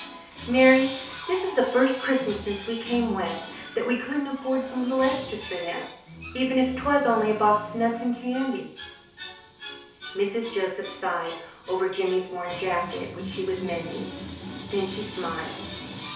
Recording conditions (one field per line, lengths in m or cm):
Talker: one person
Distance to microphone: 3.0 m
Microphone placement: far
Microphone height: 1.8 m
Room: small (3.7 m by 2.7 m)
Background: television